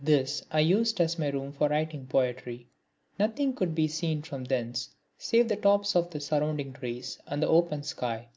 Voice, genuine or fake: genuine